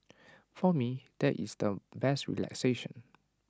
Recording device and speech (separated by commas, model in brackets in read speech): standing microphone (AKG C214), read sentence